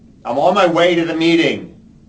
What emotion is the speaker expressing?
angry